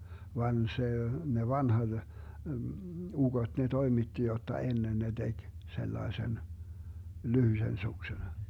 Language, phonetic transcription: Finnish, 'van 'se , 'ne "vanhat , 'uGot ne "toimitti 'jotta 'ennen 'ne 'DeG , 'sellaesen , 'lyhysen 'suksen .
- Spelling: vaan se ne vanhat ukot ne toimitti jotta ennen ne teki sellaisen lyhyisen suksen

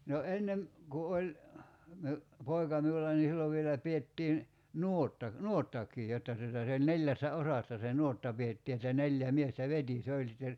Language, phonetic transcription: Finnish, no 'ennem , ku 'oĺ , miu , 'poi̬ka miulla ni 'sillov vielä 'piettiin , "nuotta , "nuottak̀ii 'jotta tuta se oĺ 'neljässä "osassa se "nuotta 'piettii että 'neljä 'miestä "veti 'se oĺ sitter ,.
- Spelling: no ennen kun oli minun poika minulla niin silloin vielä pidettiin nuotta nuottakin jotta tuota se oli neljässä osassa se nuotta pidettiin että neljä miestä veti se oli sitten

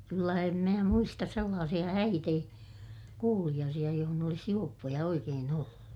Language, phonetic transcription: Finnish, kyllä em mää muistas sellaasiʲa häit ‿ei , kuuliʲaasiʲa johon ‿olis juoppoja oikeen ‿ollu .
- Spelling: kyllä en minä muista sellaisia häitä ei kuuliaisia jossa olisi juoppoja oikein ollut

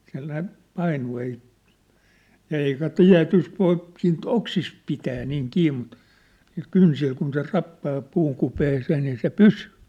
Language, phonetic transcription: Finnish, siä̭l ne , 'painuu ei , 'eikä "tiä̭tyst 'voip̳ siint "oksist pitää niiŋ 'kii mut , niil 'kynsil kun se 'rappaa 'puuŋ kupeesee nii se "pysyy !
- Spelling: siellä ne painuu ei eikä tietysti voi siitä oksista pitää niin kiinni mutta niillä kynsillä kun se rappaa puun kupeeseen niin se pysyy

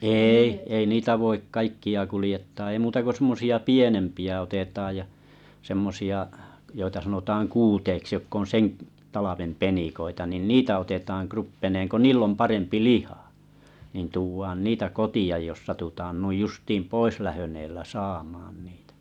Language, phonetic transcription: Finnish, 'èi , 'ei niita voik 'kaikki₍a 'kulⁱjettaa ei 'muuta ko sᵊmmosi₍a "pienempi₍ä 'otetaaj ja , 'semmo₍a’ , joita sanotaaŋ 'kuuteiks jokk ‿on seŋ ᵏ- talavem 'penikoita nìn "niitä otetaŋ 'kruppe̳neeŋ ko "niil̆l ‿om 'parempi "lihᴀ , niin tuuv̆vaan 'niitä 'koti₍aj jos 'satutaan 'nuij 'justiim "poislahön ‿eellä "saamaan niitᴀ̈ .
- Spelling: ei ei niitä voi kaikkia kuljettaa ei muuta kuin semmoisia pienempiä otetaan ja semmoisia joita sanotaan kuuteiksi jotka on sen - talven penikoita niin niitä otetaan kruppeineen kun niillä on parempi liha niin tuodaan niitä kotiin jos satutaan noin justiin poislähdön edellä saamaan niitä

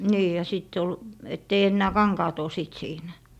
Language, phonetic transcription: Finnish, 'nii ja 'sìtt ‿ol , ett ‿ei 'ennää "kaŋkaat ‿o 'sìt 'siinä .
- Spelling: niin ja sitten oli että ei enää kankaat ole sitten siinä

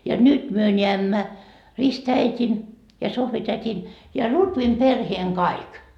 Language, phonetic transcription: Finnish, ja "nyt myö 'ńeämmä , 'ristäit́in , ja 'Sohvität́in , ja 'Lutvim 'perheeŋ "kaik .
- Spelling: ja nyt me näemme ristiäidin ja Sohvi-tädin ja Lutvin perheen kaikki

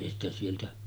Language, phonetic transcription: Finnish, èi ‿stä sieltä ,.
- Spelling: ei sitä sieltä

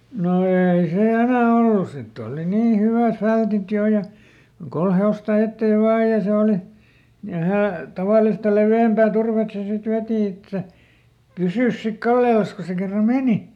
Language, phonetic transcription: Finnish, no ˈeei se "enä̀ ˈollus ˈsitt ‿ooli ˈnii ˈhyvä̀f ˈfältit ˈjò ja , ˈkol he₍osta ˈetteev "vaa ja ˈse oli , ja ˈhää- , ˈtavàlista ˈlevi₍ämpää ˈturvet se sit ˈvèti että , "pysỳs sik ˈkallelas ko se kerra "mèni .
- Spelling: no ei se enää ollut sitten oli niin hyvät fältit jo ja kolme hevosta eteen vain ja se oli ja - tavallista leveämpää turvetta se sitten veti että pysyisi sitten kallellansa kun se kerran meni

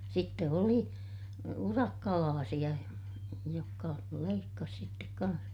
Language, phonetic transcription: Finnish, sitte oli , urakkalaasiʲa , jokka leikkas sittek kaa̰h .
- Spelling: sitten oli urakkalaisia jotka leikkasi sitten kanssa

